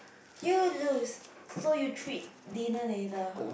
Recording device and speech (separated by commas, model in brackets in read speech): boundary microphone, conversation in the same room